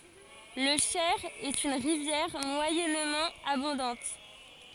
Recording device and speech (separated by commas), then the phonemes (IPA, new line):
forehead accelerometer, read sentence
lə ʃɛʁ ɛt yn ʁivjɛʁ mwajɛnmɑ̃ abɔ̃dɑ̃t